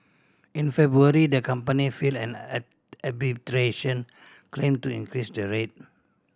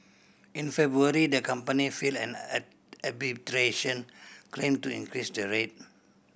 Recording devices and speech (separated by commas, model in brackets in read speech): standing microphone (AKG C214), boundary microphone (BM630), read sentence